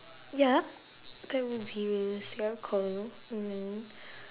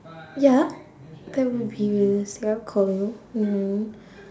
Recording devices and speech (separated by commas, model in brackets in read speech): telephone, standing microphone, conversation in separate rooms